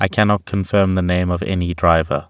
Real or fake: real